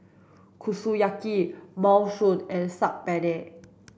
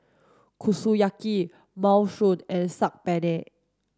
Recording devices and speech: boundary microphone (BM630), standing microphone (AKG C214), read sentence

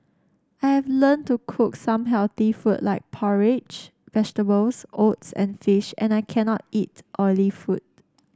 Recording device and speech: standing microphone (AKG C214), read sentence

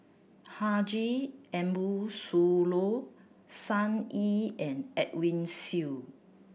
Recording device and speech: boundary microphone (BM630), read sentence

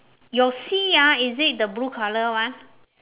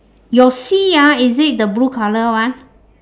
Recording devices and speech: telephone, standing microphone, conversation in separate rooms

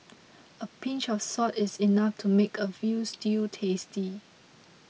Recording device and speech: mobile phone (iPhone 6), read sentence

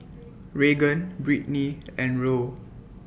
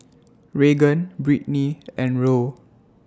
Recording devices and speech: boundary microphone (BM630), standing microphone (AKG C214), read sentence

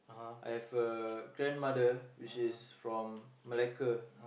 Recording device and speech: boundary microphone, conversation in the same room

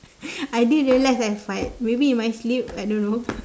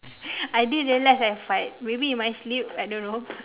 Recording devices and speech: standing microphone, telephone, conversation in separate rooms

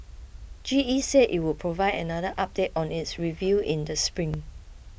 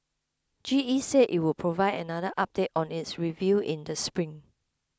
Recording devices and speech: boundary microphone (BM630), close-talking microphone (WH20), read sentence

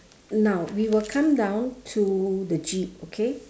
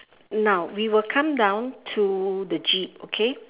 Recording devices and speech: standing microphone, telephone, conversation in separate rooms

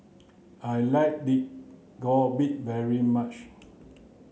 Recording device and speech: mobile phone (Samsung C9), read sentence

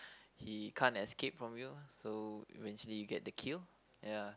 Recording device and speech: close-talking microphone, conversation in the same room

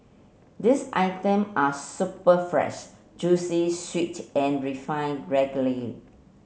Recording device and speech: mobile phone (Samsung C7), read sentence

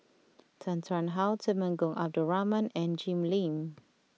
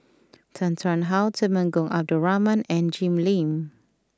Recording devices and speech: mobile phone (iPhone 6), close-talking microphone (WH20), read sentence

